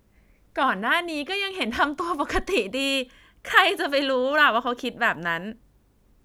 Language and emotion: Thai, happy